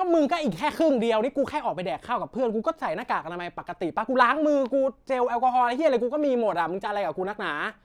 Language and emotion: Thai, angry